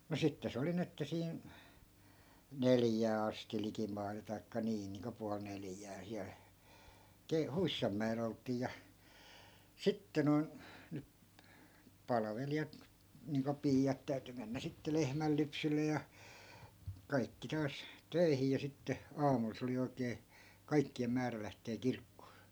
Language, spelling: Finnish, mutta sitten se oli niin että siinä neljään asti likimailla tai niin niin kuin puoli neljään siellä - huissanmäellä oltiin ja sitten noin nyt palvelijat niin kuin piiat täytyi mennä sitten lehmänlypsylle ja kaikki taas töihin ja sitten aamulla se oli oikein kaikkien määrä lähteä kirkkoon
- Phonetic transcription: mu 'sitte 'se oli ni että 'siin , "neljää asti likimai(lla) taikka 'nii 'niiŋko pual 'neljää siäl , ke- , 'huissammä₍e'l ‿olt̆tii ja , "sitte noi̮n̬ , ny(p) , 'palavelijat , niiŋko 'piijat 'täyty mennä sitte 'lehmällypsylle ja , 'kaikki taas , 'töi̮hi ja 'sitte , "aamul se oli 'oikee , 'kaikki₍em 'määrä lähtee "kirkkoo .

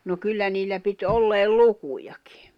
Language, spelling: Finnish, no kyllä niillä piti olleen lukujakin
- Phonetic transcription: no 'kyllä niillä pit 'olleel "lukujakɪ .

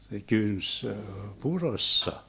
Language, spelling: Finnish, se kynti purossa
- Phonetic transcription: se 'kyns , "purossa .

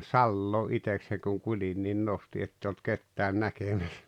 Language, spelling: Finnish, salaa itsekseni kun kuljin niin nostin että ei ollut ketään näkemässä
- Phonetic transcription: salloo 'itekseŋ kuŋ 'kuĺin nin "nosti 'etteⁱ olt 'kettään "näkemäs .

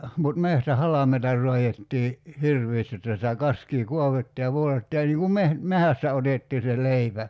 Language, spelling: Finnish, mutta metsähalmeita raadettiin hirveästi jotta sitä kaskea kaadettiin ja poltettiin ja niin kuin - metsästä otettiin se leipä
- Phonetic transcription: mut 'mehtä"halameita 'r̀oajettii , "hirv̀iist jotta sitä 'kaskii "kuavettii ja (poltettii) ja niiŋ kum 'meh- , "mehästä 'otettii se 'leipä .

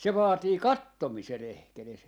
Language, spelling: Finnish, se vaatii katsomisen edes
- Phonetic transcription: 'se 'vaatii "kattomisen 'ehkeles (= edes) .

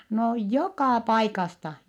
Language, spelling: Finnish, no joka paikasta
- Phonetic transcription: no jokà paikasta .

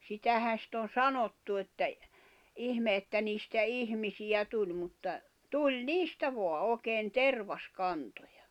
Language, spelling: Finnish, sitähän sitten on sanottu että ihme että niistä ihmisiä tuli mutta tuli niistä vain oikein tervaskantoja
- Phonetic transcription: 'sitähän̬ sit ‿on "sanottu että , 'ihme että niistä "ihmisijä 'tuĺ mutta , 'tuĺ "niistä 'voa 'òi̬keen "tervas'kantᴏᴊᴀ .

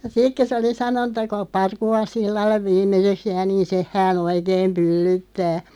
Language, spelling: Finnish, ja sitten kun se oli sanonut että kuka Parkuvan sillalle viimeiseksi jää niin sen hän oikein pyllyttää
- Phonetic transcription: ja 'sik kö sᵉ oli 'sano(nnu) ‿tta » ku(k)a "Parkuvan 'sillalleᵛ 'viim̆meseks 'jää niin "seʰ hää'n ‿oikeem 'pyllyttää « .

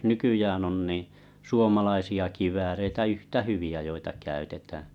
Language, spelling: Finnish, nykyään on niin suomalaisia kivääreitä yhtä hyviä joita käytetään
- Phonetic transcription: nykyjään on niḭ , "suomalaisi₍a 'kivääreitä 'yhtä "hyvi₍ä joita käytetäää̰ .

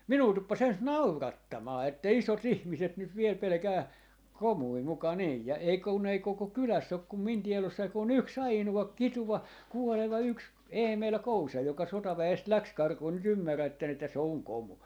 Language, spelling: Finnish, minua tuppasi ensin naurattamaan että isot ihmiset nyt vielä pelkää komuja muka niin ja ei kun ei koko kylässä ole kuin minun tiedossani kuin yksi ainoa kituva kuoleva yksi Eemeli Kousa joka sotaväestä lähti karkuun nyt ymmärrätte että se on komu
- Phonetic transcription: 'minuu 'tuppas 'ens "naurattamaa että "iso"t ‿ihmiset nyt 'viel 'pelᵉkää , 'komui muka niij ja 'ei kun ei 'koko "kyläss ‿ok kum 'min 'tielossai ku'n ‿yks "ainu₍a 'kituva , 'kuoleva , 'yks 'Eemel "Kousa joka "sota'vä₍est 'läks 'karkuu ny't ‿ymmärrätten ‿että 'se 'oŋ "komu .

